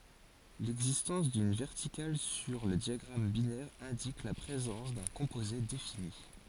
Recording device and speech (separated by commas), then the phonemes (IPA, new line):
forehead accelerometer, read sentence
lɛɡzistɑ̃s dyn vɛʁtikal syʁ lə djaɡʁam binɛʁ ɛ̃dik la pʁezɑ̃s dœ̃ kɔ̃poze defini